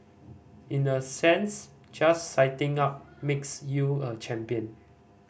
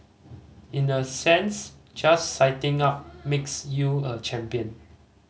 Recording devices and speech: boundary microphone (BM630), mobile phone (Samsung C5010), read sentence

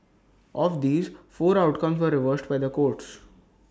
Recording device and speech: standing microphone (AKG C214), read sentence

